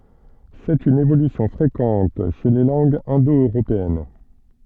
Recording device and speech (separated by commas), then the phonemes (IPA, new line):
soft in-ear microphone, read sentence
sɛt yn evolysjɔ̃ fʁekɑ̃t ʃe le lɑ̃ɡz ɛ̃do øʁopeɛn